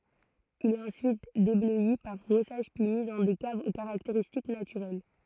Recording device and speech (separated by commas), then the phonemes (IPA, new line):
throat microphone, read sentence
il ɛt ɑ̃syit deblœi paʁ bʁɔsaʒ pyi mi dɑ̃ de kavz o kaʁakteʁistik natyʁɛl